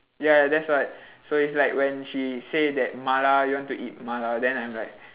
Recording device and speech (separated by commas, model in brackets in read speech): telephone, conversation in separate rooms